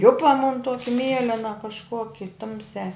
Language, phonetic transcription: Lithuanian, ˈjupa mun ˈtuoki ˈmielena kažˈkoki ˈtumsiā

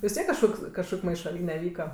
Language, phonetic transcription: Lithuanian, vis ˈtiek kažˈkoks kažˈkok' maišaˈlyne ˈvyka

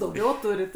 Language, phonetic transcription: Lithuanian, dauˈgiau ˈturit

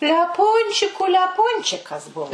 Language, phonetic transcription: Lithuanian, leˈpunčiku leˈpunčikas ˈbuvo

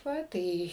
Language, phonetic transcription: Lithuanian, ˈva ˈtai

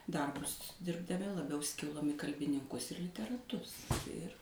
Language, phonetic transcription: Lithuanian, ˈdarbus dirbdaˈmi laˈbiau ˈskilom i kalbininˈkus ir literaˈtus ˈir

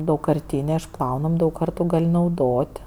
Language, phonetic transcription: Lithuanian, daugkarˈtynė išˈplaunam' daug ˈkartu ˈgal' nauˈdot'

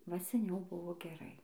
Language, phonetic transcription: Lithuanian, va seˈniau ˈbuvo geˈrai

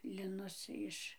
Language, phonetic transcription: Lithuanian, liˈnus ˈiš

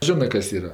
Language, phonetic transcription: Lithuanian, ˈžinɜ ˈkas ˈyra

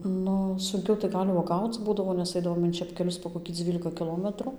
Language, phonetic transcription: Lithuanian, ˈnu sunˈkiau tai ˈgal' uoˈgauc ˈbūdavo nes ˈaidavom in čepkeˈlius po kokį ˈdzvylika kiˈlometru

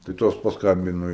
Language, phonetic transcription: Lithuanian, tai ˈtos pasˈkambino

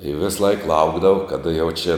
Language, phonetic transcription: Lithuanian, i ˈvisˌlaik ˈlaukdavau kaˈda jau čia

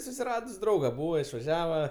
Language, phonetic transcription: Lithuanian, susiˈradus ˈdrauga ˈbūva išvaˈžiava

